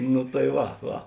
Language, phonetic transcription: Lithuanian, nu tai ˈva ˈva

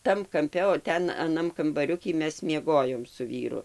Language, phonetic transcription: Lithuanian, ˈtam kamˈpe o ˈten aˈnam kambaˈriuky ˈmes mieˈgojom su ˈvyru

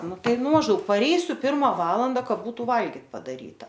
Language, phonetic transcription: Lithuanian, ˈnu ˈtai ˈnu mažˈdaug paˈreisiu ˈpirma ˈvalanda ˈka ˈbūtu ˈvalgit' padaˈryta

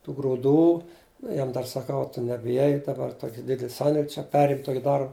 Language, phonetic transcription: Lithuanian, tų gruˈdų ˈjam dar saˈkau a tu nebiˈjai daˈbar ˈtoki ˈdidel ˈsandėl' čia ˈperim ˈtoki ˈdar

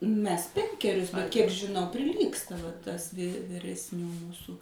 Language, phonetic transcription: Lithuanian, ˈmes ˈpenkerius bet kiek žiˈnau priˈlygsta va ˈtas vy viresˈnių ˈmūsų

